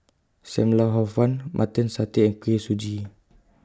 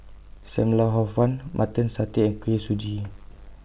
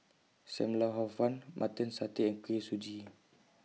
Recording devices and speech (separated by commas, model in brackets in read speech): close-talking microphone (WH20), boundary microphone (BM630), mobile phone (iPhone 6), read sentence